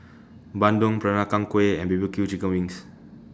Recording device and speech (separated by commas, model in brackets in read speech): standing microphone (AKG C214), read sentence